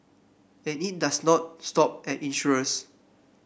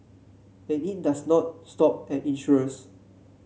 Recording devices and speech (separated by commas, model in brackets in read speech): boundary microphone (BM630), mobile phone (Samsung C7), read sentence